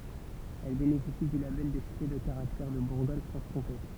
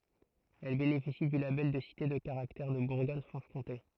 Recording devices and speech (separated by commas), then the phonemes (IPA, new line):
temple vibration pickup, throat microphone, read sentence
ɛl benefisi dy labɛl də site də kaʁaktɛʁ də buʁɡɔɲ fʁɑ̃ʃ kɔ̃te